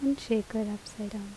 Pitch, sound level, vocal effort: 215 Hz, 76 dB SPL, soft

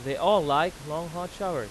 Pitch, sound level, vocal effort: 170 Hz, 97 dB SPL, very loud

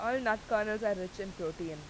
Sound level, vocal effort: 97 dB SPL, very loud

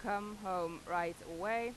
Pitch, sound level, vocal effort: 185 Hz, 92 dB SPL, normal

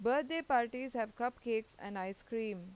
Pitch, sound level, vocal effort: 230 Hz, 90 dB SPL, loud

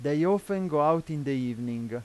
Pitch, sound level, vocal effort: 150 Hz, 92 dB SPL, loud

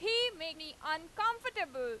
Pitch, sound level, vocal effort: 330 Hz, 98 dB SPL, very loud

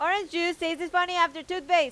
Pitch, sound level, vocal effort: 345 Hz, 97 dB SPL, very loud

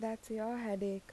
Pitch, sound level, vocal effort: 220 Hz, 80 dB SPL, soft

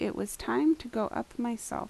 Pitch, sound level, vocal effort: 245 Hz, 80 dB SPL, soft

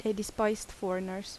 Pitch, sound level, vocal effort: 210 Hz, 78 dB SPL, soft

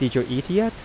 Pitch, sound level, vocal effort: 130 Hz, 86 dB SPL, soft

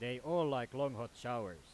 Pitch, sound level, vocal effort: 130 Hz, 95 dB SPL, very loud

